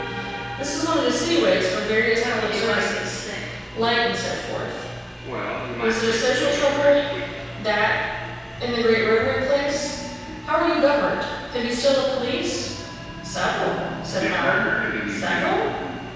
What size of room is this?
A large and very echoey room.